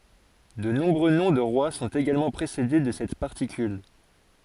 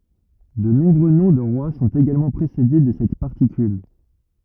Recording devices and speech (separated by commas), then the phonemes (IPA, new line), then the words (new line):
forehead accelerometer, rigid in-ear microphone, read sentence
də nɔ̃bʁø nɔ̃ də ʁwa sɔ̃t eɡalmɑ̃ pʁesede də sɛt paʁtikyl
De nombreux noms de rois sont également précédés de cette particule.